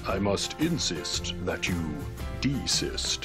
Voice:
deep voice